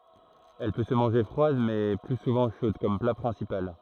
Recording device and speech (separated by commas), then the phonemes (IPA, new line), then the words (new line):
throat microphone, read sentence
ɛl pø sə mɑ̃ʒe fʁwad mɛ ply suvɑ̃ ʃod kɔm pla pʁɛ̃sipal
Elle peut se manger froide mais plus souvent chaude comme plat principal.